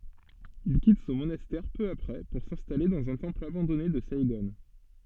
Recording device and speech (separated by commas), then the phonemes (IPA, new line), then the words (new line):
soft in-ear microphone, read sentence
il kit sɔ̃ monastɛʁ pø apʁɛ puʁ sɛ̃stale dɑ̃z œ̃ tɑ̃pl abɑ̃dɔne də saiɡɔ̃
Il quitte son monastère peu après pour s'installer dans un temple abandonné de Saïgon.